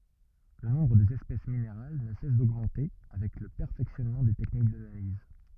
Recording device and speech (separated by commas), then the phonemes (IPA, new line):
rigid in-ear microphone, read sentence
lə nɔ̃bʁ dez ɛspɛs mineʁal nə sɛs doɡmɑ̃te avɛk lə pɛʁfɛksjɔnmɑ̃ de tɛknik danaliz